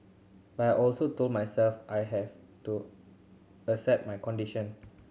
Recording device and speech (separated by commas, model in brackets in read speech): mobile phone (Samsung C7100), read sentence